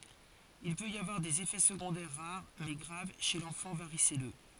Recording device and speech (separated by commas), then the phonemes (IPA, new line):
forehead accelerometer, read sentence
il pøt i avwaʁ dez efɛ səɡɔ̃dɛʁ ʁaʁ mɛ ɡʁav ʃe lɑ̃fɑ̃ vaʁisɛlø